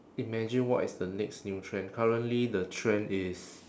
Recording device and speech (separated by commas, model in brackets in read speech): standing microphone, conversation in separate rooms